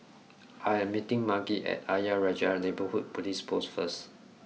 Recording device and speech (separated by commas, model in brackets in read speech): mobile phone (iPhone 6), read sentence